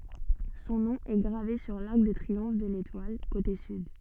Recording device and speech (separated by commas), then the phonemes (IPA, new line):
soft in-ear microphone, read sentence
sɔ̃ nɔ̃ ɛ ɡʁave syʁ laʁk də tʁiɔ̃f də letwal kote syd